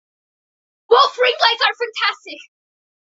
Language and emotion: English, surprised